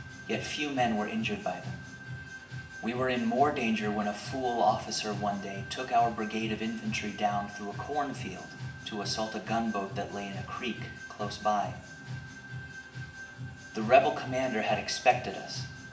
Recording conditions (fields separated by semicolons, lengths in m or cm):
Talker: one person; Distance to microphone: 1.8 m; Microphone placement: close; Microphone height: 1.0 m; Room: large; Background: music